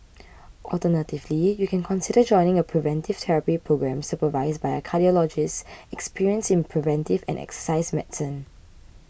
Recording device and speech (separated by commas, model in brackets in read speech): boundary microphone (BM630), read sentence